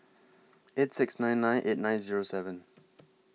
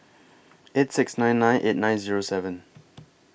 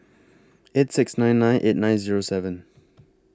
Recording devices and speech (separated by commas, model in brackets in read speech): mobile phone (iPhone 6), boundary microphone (BM630), close-talking microphone (WH20), read sentence